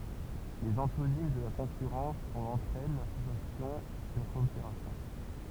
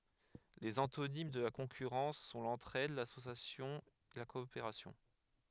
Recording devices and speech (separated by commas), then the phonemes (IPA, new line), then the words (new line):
temple vibration pickup, headset microphone, read sentence
lez ɑ̃tonim də la kɔ̃kyʁɑ̃s sɔ̃ lɑ̃tʁɛd lasosjasjɔ̃ la kɔopeʁasjɔ̃
Les antonymes de la concurrence sont l'entraide, l'association, la coopération.